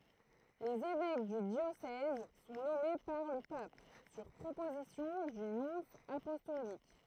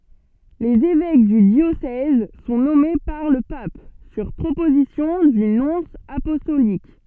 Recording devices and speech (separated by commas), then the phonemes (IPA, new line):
throat microphone, soft in-ear microphone, read sentence
lez evɛk dy djosɛz sɔ̃ nɔme paʁ lə pap syʁ pʁopozisjɔ̃ dy nɔ̃s apɔstolik